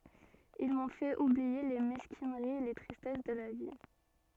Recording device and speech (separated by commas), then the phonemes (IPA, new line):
soft in-ear microphone, read sentence
il mɔ̃ fɛt ublie le mɛskinəʁiz e le tʁistɛs də la vi